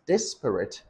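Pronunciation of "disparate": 'Disparate' is said in three syllables.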